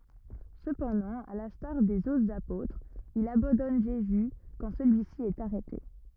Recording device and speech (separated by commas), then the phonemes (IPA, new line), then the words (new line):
rigid in-ear microphone, read sentence
səpɑ̃dɑ̃ a lɛ̃staʁ dez otʁz apotʁz il abɑ̃dɔn ʒezy kɑ̃ səlyisi ɛt aʁɛte
Cependant, à l'instar des autres apôtres, il abandonne Jésus quand celui-ci est arrêté.